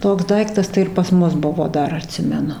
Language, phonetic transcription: Lithuanian, ˈtoks ˈdaiktas tai ir pas ˈmus ˈbuvo ˈdar aˈtsimenu

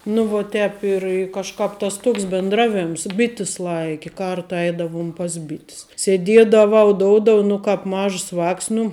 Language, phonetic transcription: Lithuanian, nu vo ˈtēp ir i kažˈkāp tas ˈtoks bindˈraˌvėms ˈbitis ˈlaiki ˈkarta ˈeidavum pas ˈbit's seˈdiedavau ˈdoudov nu ˈkāp ˈmažs ˈvāks nu

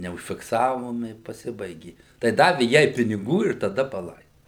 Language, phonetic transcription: Lithuanian, neužfikˈsavom i paˈsibaigi tai ˈdavi ˈjai piniˈgų ir taˈda paˈlai

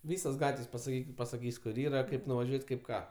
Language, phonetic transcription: Lithuanian, ˈvysos ˈgatvės' pasaˈkykit pasaˈkys' kur ˈyra ˈkaip nuvaˈžiuot' ˈkaip ˈką

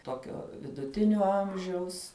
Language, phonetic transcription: Lithuanian, ˈtokio viduˈtinio ˈamžiaus

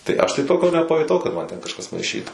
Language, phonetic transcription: Lithuanian, tai ˈaš tai ˈtokio nepajuˈtau kad ˈman ten kažˈkas maiˈšytų

